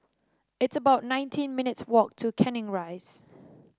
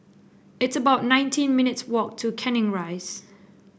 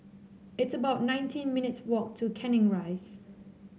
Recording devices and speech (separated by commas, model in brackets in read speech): standing microphone (AKG C214), boundary microphone (BM630), mobile phone (Samsung C7), read sentence